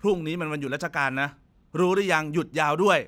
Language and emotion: Thai, angry